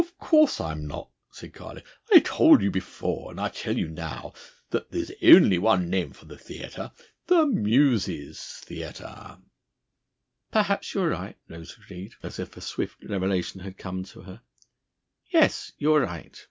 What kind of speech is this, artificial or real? real